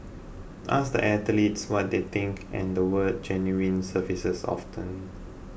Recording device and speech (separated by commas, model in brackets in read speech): boundary microphone (BM630), read sentence